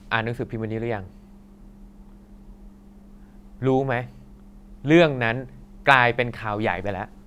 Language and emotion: Thai, frustrated